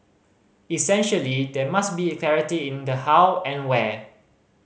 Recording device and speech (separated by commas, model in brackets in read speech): mobile phone (Samsung C5010), read sentence